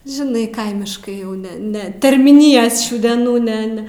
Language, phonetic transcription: Lithuanian, žiˈnai ˈkaimiškai jau ˈne ˈne termyˈnijas ˈšių deˈnų ˈne ˈne

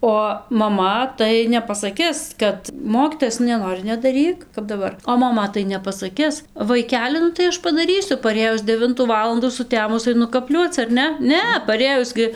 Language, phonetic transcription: Lithuanian, o maˈma tai nepasaˈkis ˈkad ˈmokytojas nu neˈnori nedaˈryk kap daˈbar o maˈma tai nepasaˈkis vaiˈkeli nu tai ˈaš padaˈrysiu paˈrėjus deˈvintų ˈvalandų suˈtemus aiˈnu kaˈpliuoc ar ˈne ˈne paˈrėjus gi

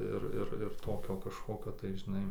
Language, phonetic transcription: Lithuanian, ˈir ˈir ir ˈtokio kažˈkokio tai žiˈnai

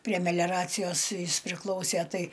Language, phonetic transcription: Lithuanian, prie meˈliaracijos ˈjis priˈklausė ˈtai

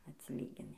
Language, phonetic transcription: Lithuanian, atsiˈlygini

